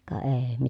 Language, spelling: Finnish, ka ei
- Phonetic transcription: ka èi̮ .

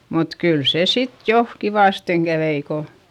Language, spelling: Finnish, mutta kyllä se sitten jo kivasti kävi kun
- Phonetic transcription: mut kyl se sit jo , kivàsteŋ kävei ko ,.

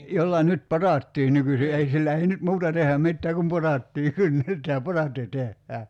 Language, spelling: Finnish, jolla nyt potaattia nykyisin ei sillä ei nyt muuta tehdä mitään kuin potaattia kynnetään potaatti tehdään
- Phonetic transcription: 'jolla 'nyt "potàttii 'nykysi ei 'sillä 'ei nyt "muuta teh̆hä 'mittää kum "potattii 'kynnet̀ää "potatti 'tehhää .

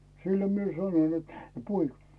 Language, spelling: Finnish, silloin minä sanoin että poika
- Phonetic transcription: 'sillo mie sanon net , » 'poiᵏᴬ « .

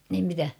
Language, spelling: Finnish, niin mitä
- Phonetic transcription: nim 'mitä ?

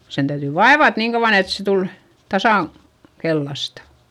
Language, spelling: Finnish, sen täytyi vaivata niin kauan että se tuli tasan keltaista
- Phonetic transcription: sen täytỳ vaevat niiŋ kauᵛan ‿et se tul , tasàŋ , kellasta .

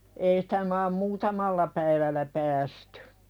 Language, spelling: Finnish, ei sitä - muutamalla päivällä päästy
- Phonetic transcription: ei sᴵtä (maam) "muutamalla päivällä 'päästʏ .

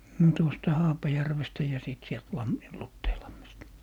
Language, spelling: Finnish, no tuosta Haapajärvestä ja sitten sieltä - Luteinlammesta
- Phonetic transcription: 'no tuosta "Haapajärvestä ja 'sìt sielt "Lammi - 'Lutteilammesta .

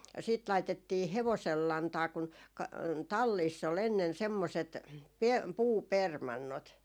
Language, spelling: Finnish, sitten laitettiin hevosen lantaa kun - talleissa oli ennen semmoiset - puupermannot
- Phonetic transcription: sit 'laitettii "hevosel 'lantaa kun , ka- , "talliiss ‿ol ennen 'semmoset , pe- , "puupermannot .

